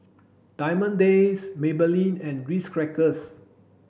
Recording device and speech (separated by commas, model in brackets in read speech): boundary microphone (BM630), read sentence